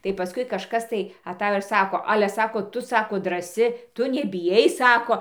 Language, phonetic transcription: Lithuanian, tai paˈskui kažˈkas tai aˈtajo ir ˈsako ˈale ˈsako ˈtu ˈsako draˈsi ˈtu nebiˈjai ˈsako

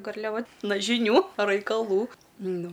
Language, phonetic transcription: Lithuanian, garliaˈva ˈna žiˈnių raikaˈlų ˈnu

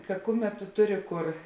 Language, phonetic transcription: Lithuanian, ka ˈkuˌmet tu ˈtuˌri ˈkur

